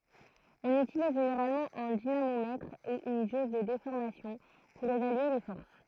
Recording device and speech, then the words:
throat microphone, read sentence
On utilise généralement un dynamomètre ou une jauge de déformation pour évaluer les forces.

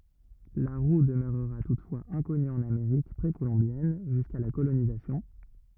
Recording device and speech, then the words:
rigid in-ear microphone, read sentence
La roue demeurera toutefois inconnue en Amérique précolombienne, jusqu'à la colonisation.

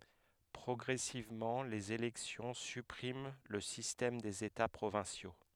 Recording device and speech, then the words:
headset microphone, read sentence
Progressivement, les élections suppriment le système des états provinciaux.

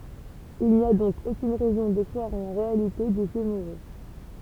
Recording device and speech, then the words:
temple vibration pickup, read sentence
Il n'y a donc aucune raison de croire en la réalité des faits moraux.

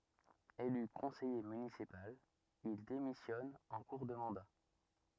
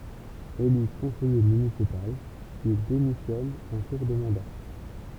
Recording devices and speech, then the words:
rigid in-ear microphone, temple vibration pickup, read sentence
Élu conseiller municipal, il démissionne en cours de mandat.

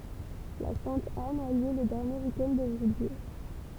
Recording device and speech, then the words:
temple vibration pickup, read sentence
La Sainte-Anne a lieu le dernier week-end de juillet.

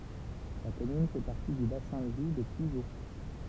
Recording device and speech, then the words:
temple vibration pickup, read sentence
La commune fait partie du bassin de vie de Puiseaux.

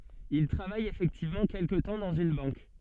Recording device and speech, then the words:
soft in-ear microphone, read sentence
Il travaille effectivement quelque temps dans une banque.

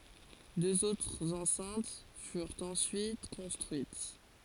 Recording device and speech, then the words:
forehead accelerometer, read sentence
Deux autres enceintes furent ensuite construites.

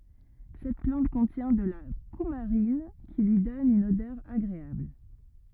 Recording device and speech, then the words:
rigid in-ear microphone, read sentence
Cette plante contient de la coumarine, qui lui donne une odeur agréable.

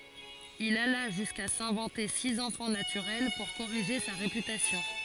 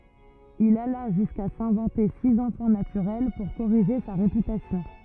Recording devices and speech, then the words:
forehead accelerometer, rigid in-ear microphone, read sentence
Il alla jusqu'à s'inventer six enfants naturels pour corriger sa réputation.

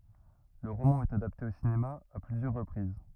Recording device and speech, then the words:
rigid in-ear microphone, read sentence
Le roman est adapté au cinéma à plusieurs reprises.

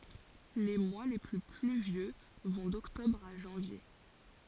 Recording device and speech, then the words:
forehead accelerometer, read sentence
Les mois les plus pluvieux vont d'octobre à janvier.

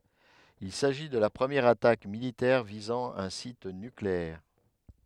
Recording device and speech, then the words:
headset microphone, read sentence
Il s'agit de la première attaque militaire visant un site nucléaire.

